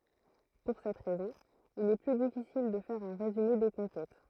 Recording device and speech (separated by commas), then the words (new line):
throat microphone, read sentence
Pour cette raison il est plus difficile de faire un résumé des conquêtes.